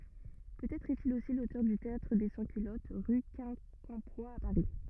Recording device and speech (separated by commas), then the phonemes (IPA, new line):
rigid in-ear microphone, read sentence
pøtɛtʁ ɛstil osi lotœʁ dy teatʁ de sɑ̃skylɔt ʁy kɛ̃kɑ̃pwa a paʁi